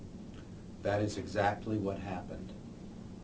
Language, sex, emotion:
English, male, neutral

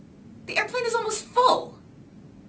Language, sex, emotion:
English, female, disgusted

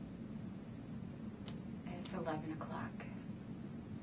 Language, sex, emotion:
English, female, neutral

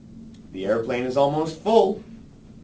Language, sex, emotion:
English, male, neutral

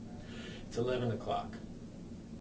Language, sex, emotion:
English, male, neutral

